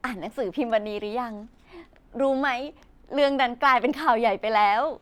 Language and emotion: Thai, happy